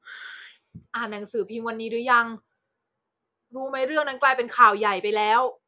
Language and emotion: Thai, frustrated